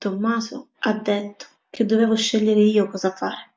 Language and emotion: Italian, sad